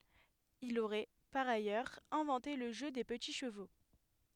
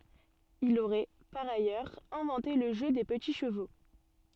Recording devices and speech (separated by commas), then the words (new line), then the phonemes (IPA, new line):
headset microphone, soft in-ear microphone, read sentence
Il aurait, par ailleurs, inventé le jeu des petits chevaux.
il oʁɛ paʁ ajœʁz ɛ̃vɑ̃te lə ʒø de pəti ʃəvo